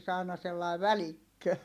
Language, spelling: Finnish, onhan niissä aina sellainen välikkö
- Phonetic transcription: oha niiss ‿àina sellài̮ välikkö .

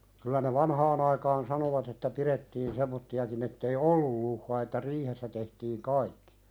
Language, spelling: Finnish, kyllä ne vanhaan aikaan sanoivat että pidettiin semmoisiakin että ei ollut luhtaa että riihessä tehtiin kaikki
- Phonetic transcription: kylä ne "vanhaan ‿aikaan 'sanovat ‿että 'pirettiin "semmotti₍akin ‿ettei "ollul luhhaa että 'riihessä tehtiiŋ "kaikkɪ .

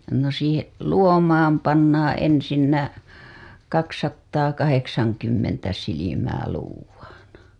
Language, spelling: Finnish, no siihen luomaan pannaan ensinnä kaksisataakahdeksankymmentä silmää luodaan
- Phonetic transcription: no siihe' , "luomaam pannaaa̰ ensinnä , 'kaksattaakaheksaŋkymmentä silimää 'luuv̆vaaN .

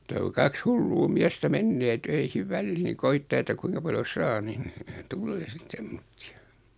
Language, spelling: Finnish, mutta kun kaksi hullua miestä menee töihin väliin koettaa että kuinka paljon saa niin tulee sitten semmoisia
- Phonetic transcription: muta ku 'kaks "hulluu 'miästä "mennee töihiv "välliiŋ 'koittaa että 'kuiŋka paljo "saa nin , 'tullee sit 'semmottɪ₍ᴀ .

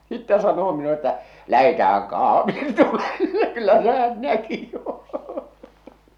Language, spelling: Finnish, sitten sanoo minulle että lähdetäänhän - kahvitulelle kyllä se hän näki jo
- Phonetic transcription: sittä sanoo minule ‿ttä , 'lähetäähäŋ kahvii- , tulelle , 'kyllä sᴇ hän 'näki jo !

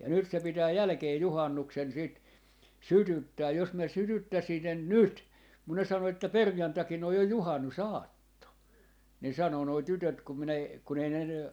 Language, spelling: Finnish, ja nyt se pitää jälkeen juhannuksen sitten sytyttää jos minä sytyttäisin sen nyt kun ne sanoi että perjantaina on jo juhannusaatto niin sanoi nuo tytöt kun minä - kun ei ne ne
- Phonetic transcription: ja nyt se 'pitää 'jälᵃ̈kee 'juhannuksen siit , "sytyttää jos mä 'sytyttäsin sen "nyt , kun ne 'sano että » "perjantakin ‿oj 'jo 'juhannu"saatto » , ni 'sano noi 'tytöt kum min ‿e- , kun ‿ei ne ne , .

